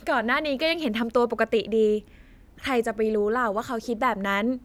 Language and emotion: Thai, happy